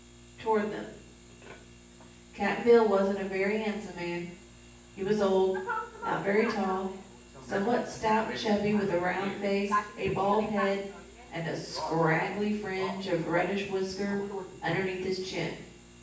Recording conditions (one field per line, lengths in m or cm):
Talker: one person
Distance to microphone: 9.8 m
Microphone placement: far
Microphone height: 1.8 m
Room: large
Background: television